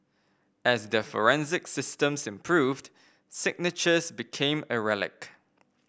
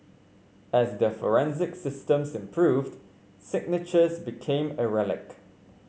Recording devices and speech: boundary microphone (BM630), mobile phone (Samsung C5), read sentence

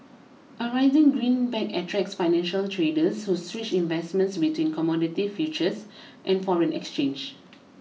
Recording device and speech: mobile phone (iPhone 6), read sentence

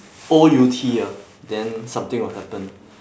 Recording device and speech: standing microphone, conversation in separate rooms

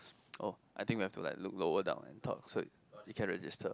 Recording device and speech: close-talking microphone, conversation in the same room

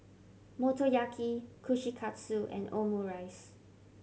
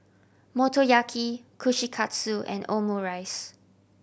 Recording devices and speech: mobile phone (Samsung C7100), boundary microphone (BM630), read sentence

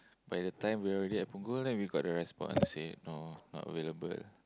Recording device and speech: close-talking microphone, conversation in the same room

